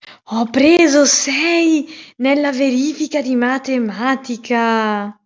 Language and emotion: Italian, surprised